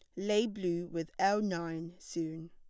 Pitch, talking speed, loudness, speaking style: 175 Hz, 155 wpm, -34 LUFS, plain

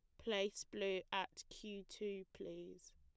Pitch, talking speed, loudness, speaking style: 190 Hz, 130 wpm, -45 LUFS, plain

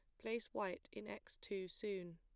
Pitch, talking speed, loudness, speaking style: 200 Hz, 185 wpm, -47 LUFS, plain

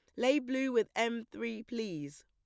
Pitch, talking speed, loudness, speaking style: 230 Hz, 180 wpm, -34 LUFS, plain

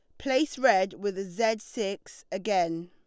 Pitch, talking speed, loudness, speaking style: 200 Hz, 135 wpm, -28 LUFS, Lombard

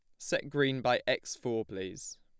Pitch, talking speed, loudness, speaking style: 125 Hz, 180 wpm, -33 LUFS, plain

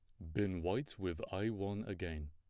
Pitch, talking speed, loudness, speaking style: 95 Hz, 185 wpm, -41 LUFS, plain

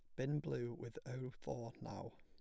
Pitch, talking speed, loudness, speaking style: 125 Hz, 185 wpm, -46 LUFS, plain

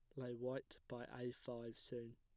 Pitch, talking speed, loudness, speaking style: 120 Hz, 185 wpm, -50 LUFS, plain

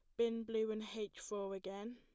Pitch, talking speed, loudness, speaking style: 215 Hz, 205 wpm, -42 LUFS, plain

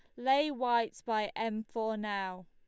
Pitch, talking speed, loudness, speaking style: 220 Hz, 160 wpm, -33 LUFS, Lombard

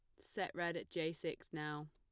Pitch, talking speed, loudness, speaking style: 165 Hz, 210 wpm, -43 LUFS, plain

